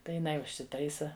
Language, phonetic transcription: Lithuanian, tai jiˈnai užsiˈtaisa

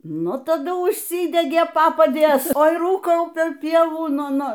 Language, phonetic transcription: Lithuanian, ˈnu taˈdu ūžˈsydegė ˈpapadės ˈoi ˈrūkau per ˈpievų ˈnu ˈnu

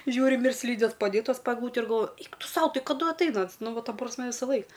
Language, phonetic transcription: Lithuanian, ˈžiūrim ir ˈslydės paˈdėtas pa egˈlūte ir galˈvoju ˈeik ˈtu ˈsau ˈtai kaˈdu atˈaina ˈans ˈnu ˈva ˈta prasˈme visaˈlaik

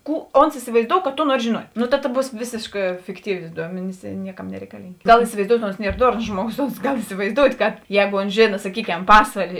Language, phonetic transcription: Lithuanian, ˈkų ons isivaiˈzdou ka ˈto ˈnuori žėˈnuot' no ta ta ˈbūs ˈvėsėškā fikˈtyvė ˈduomenis i ˈnieˌkam nereikaˈlyng' ˈgal isivaiˈzdout' ons ˈnier ˈdornos ˈžmuoˌgos ons ˈgal isivaiˈzdout' kad ˈjēgo ons ˈžėna saˈkyˌkem ˈpasvalė

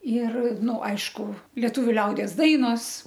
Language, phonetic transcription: Lithuanian, ir ˈnu ˈaišku lieˈtuviu ˈliaudies ˈdainos

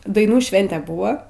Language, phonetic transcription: Lithuanian, daiˈnų ˈšvente ˈbūva

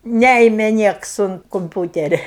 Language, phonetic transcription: Lithuanian, ˈnæime ˈnieks unt komˈpiūteria

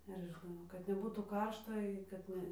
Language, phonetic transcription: Lithuanian, ar aš žiˈnau kad neˈbūtų ˈkaršta i kad ˈne

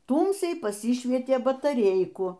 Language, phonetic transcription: Lithuanian, ˈtūmsiai paˈsišvietė bataˈreiku

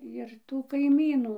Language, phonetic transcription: Lithuanian, jir tų kaiˈmynų

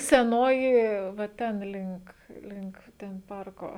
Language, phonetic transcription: Lithuanian, seˈnoji va ˈten ˈlink ˈlink ˈten ˈparko

